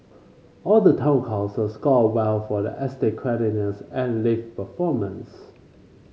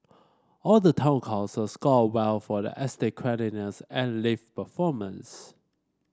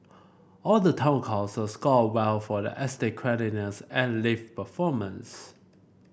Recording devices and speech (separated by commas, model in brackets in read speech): mobile phone (Samsung C5), standing microphone (AKG C214), boundary microphone (BM630), read sentence